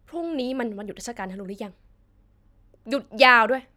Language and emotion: Thai, frustrated